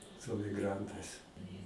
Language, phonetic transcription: Lithuanian, su amigˈrantais

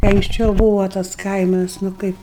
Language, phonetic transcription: Lithuanian, kai anksˈčiau ˈbūvo tas ˈkaimas nu ˈkaip

